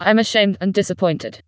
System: TTS, vocoder